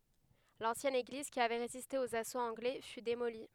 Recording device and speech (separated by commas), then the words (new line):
headset microphone, read sentence
L'ancienne église, qui avait résisté aux assauts anglais, fut démolie.